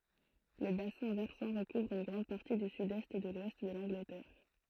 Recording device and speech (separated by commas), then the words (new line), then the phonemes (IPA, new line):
throat microphone, read sentence
Le bassin versant recouvre une grande partie du sud-est et de l'ouest de l’Angleterre.
lə basɛ̃ vɛʁsɑ̃ ʁəkuvʁ yn ɡʁɑ̃d paʁti dy sydɛst e də lwɛst də lɑ̃ɡlətɛʁ